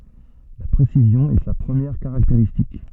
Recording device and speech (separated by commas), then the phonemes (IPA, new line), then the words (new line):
soft in-ear microphone, read sentence
la pʁesizjɔ̃ ɛ sa pʁəmjɛʁ kaʁakteʁistik
La précision est sa première caractéristique.